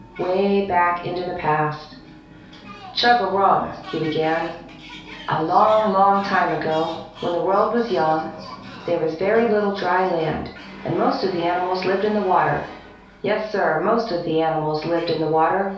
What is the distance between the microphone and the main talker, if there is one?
3.0 m.